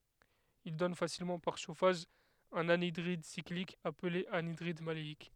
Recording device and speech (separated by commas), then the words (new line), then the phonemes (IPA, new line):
headset microphone, read sentence
Il donne facilement par chauffage un anhydride cyclique appelé anhydride maléique.
il dɔn fasilmɑ̃ paʁ ʃofaʒ œ̃n anidʁid siklik aple anidʁid maleik